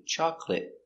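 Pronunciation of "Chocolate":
The final T in 'chocolate' is a stop T.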